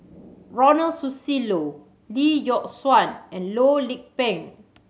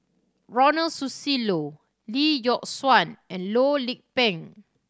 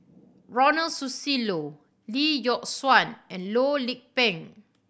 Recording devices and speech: mobile phone (Samsung C7100), standing microphone (AKG C214), boundary microphone (BM630), read sentence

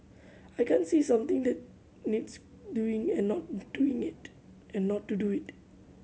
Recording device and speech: mobile phone (Samsung C7100), read sentence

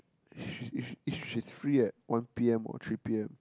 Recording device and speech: close-talking microphone, conversation in the same room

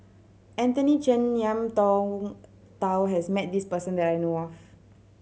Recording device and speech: mobile phone (Samsung C7100), read sentence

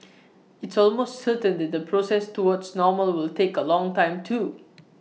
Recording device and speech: mobile phone (iPhone 6), read sentence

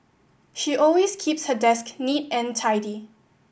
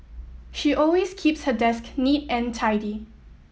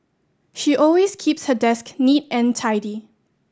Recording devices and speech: boundary microphone (BM630), mobile phone (iPhone 7), standing microphone (AKG C214), read sentence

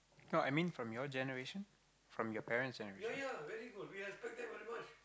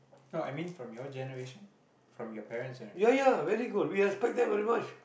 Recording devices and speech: close-talking microphone, boundary microphone, conversation in the same room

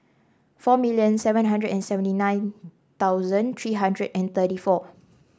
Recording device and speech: standing microphone (AKG C214), read sentence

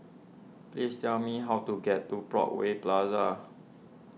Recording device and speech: mobile phone (iPhone 6), read sentence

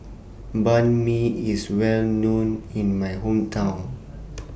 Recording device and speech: boundary microphone (BM630), read sentence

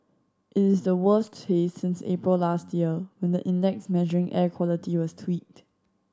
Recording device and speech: standing microphone (AKG C214), read sentence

